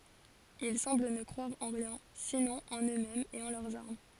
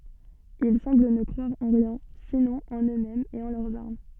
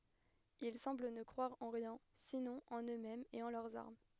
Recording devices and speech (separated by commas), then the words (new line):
forehead accelerometer, soft in-ear microphone, headset microphone, read sentence
Ils semblent ne croire en rien, sinon en eux-mêmes et en leurs armes.